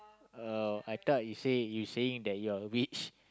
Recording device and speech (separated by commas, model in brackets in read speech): close-talking microphone, conversation in the same room